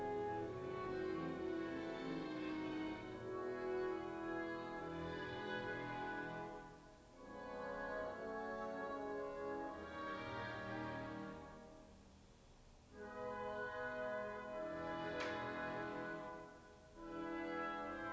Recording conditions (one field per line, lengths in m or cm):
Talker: no one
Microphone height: 1.8 m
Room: small (3.7 m by 2.7 m)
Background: music